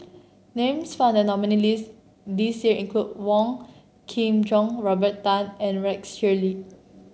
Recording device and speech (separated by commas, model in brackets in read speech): mobile phone (Samsung C7), read sentence